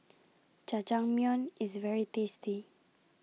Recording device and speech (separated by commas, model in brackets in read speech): mobile phone (iPhone 6), read sentence